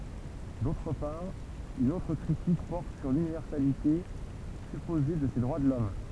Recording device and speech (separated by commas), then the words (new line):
temple vibration pickup, read sentence
D'autre part, une autre critique porte sur l'universalité supposée de ces droits de l'homme.